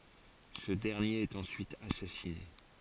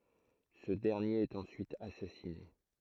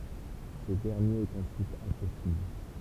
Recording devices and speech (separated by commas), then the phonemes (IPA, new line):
forehead accelerometer, throat microphone, temple vibration pickup, read sentence
sə dɛʁnjeʁ ɛt ɑ̃syit asasine